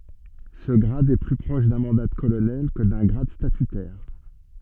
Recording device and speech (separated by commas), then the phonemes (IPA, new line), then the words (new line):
soft in-ear microphone, read sentence
sə ɡʁad ɛ ply pʁɔʃ dœ̃ mɑ̃da də kolonɛl kə dœ̃ ɡʁad statytɛʁ
Ce grade est plus proche d'un mandat de colonel que d'un grade statutaire.